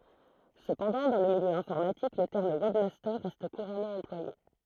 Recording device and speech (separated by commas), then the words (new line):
throat microphone, read sentence
Cependant, dans le milieu informatique, le terme webmaster reste couramment employé.